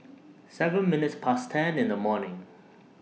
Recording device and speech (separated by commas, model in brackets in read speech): mobile phone (iPhone 6), read sentence